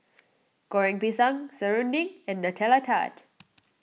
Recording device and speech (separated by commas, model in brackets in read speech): mobile phone (iPhone 6), read sentence